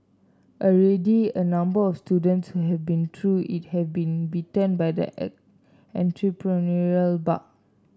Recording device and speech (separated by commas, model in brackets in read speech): standing microphone (AKG C214), read sentence